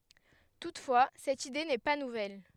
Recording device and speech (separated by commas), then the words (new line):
headset microphone, read sentence
Toutefois, cette idée n'est pas nouvelle.